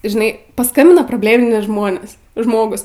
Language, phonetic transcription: Lithuanian, žiˈnai paˈskambina probˈlėminiai ˈžmonės ˈžmogus

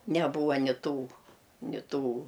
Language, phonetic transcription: Lithuanian, neˈbūva ni ˈtų ni ˈtų

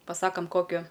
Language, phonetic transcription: Lithuanian, paˈsakam ˈkokiu

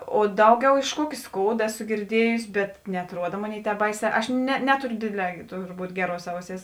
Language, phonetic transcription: Lithuanian, o ˈdauˌgiau iš ˈkuoki ˈskouda ˈeˌsu girˈdiejusi bet neatˈruoda ˈmoˌnėi ˈtēp ˈbaiˌsē ˈaš ne ˈneturiu ˈdėˌdlē turˈbūt ˈgeˌruos ˈauˌsėis

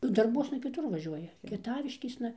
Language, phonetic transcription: Lithuanian, ˈnu darˈbuosna kiˈtur vaˈžiuoja kieˈtaviškėsna

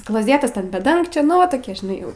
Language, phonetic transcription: Lithuanian, kloˈzėtas ten be ˈdangčio ˈnu va ˈtokie žiˈnai

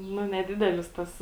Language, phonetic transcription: Lithuanian, ˈnu neˈdidelis tas

